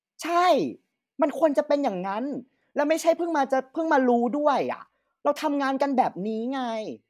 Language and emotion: Thai, frustrated